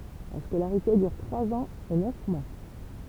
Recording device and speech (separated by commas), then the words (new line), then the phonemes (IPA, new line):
temple vibration pickup, read sentence
La scolarité dure trois ans et neuf mois.
la skolaʁite dyʁ tʁwaz ɑ̃z e nœf mwa